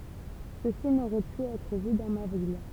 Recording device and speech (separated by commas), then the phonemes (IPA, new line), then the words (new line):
temple vibration pickup, read sentence
səsi noʁɛ py ɛtʁ vy dɑ̃ ma vil
Ceci n'aurait pu être vu dans ma ville.